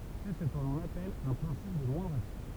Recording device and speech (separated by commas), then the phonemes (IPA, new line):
temple vibration pickup, read sentence
sɛ sə kə lɔ̃n apɛl œ̃ pʁɛ̃sip də mwɛ̃dʁ aksjɔ̃